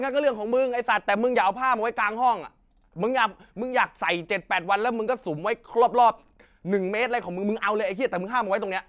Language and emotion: Thai, angry